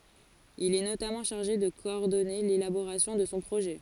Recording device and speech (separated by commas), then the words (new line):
forehead accelerometer, read sentence
Il est notamment chargé de coordonner l'élaboration de son projet.